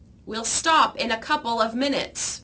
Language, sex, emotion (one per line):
English
female
angry